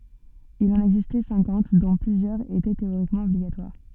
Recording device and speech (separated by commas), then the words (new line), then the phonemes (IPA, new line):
soft in-ear microphone, read sentence
Il en existait cinquante dont plusieurs étaient théoriquement obligatoires.
il ɑ̃n ɛɡzistɛ sɛ̃kɑ̃t dɔ̃ plyzjœʁz etɛ teoʁikmɑ̃ ɔbliɡatwaʁ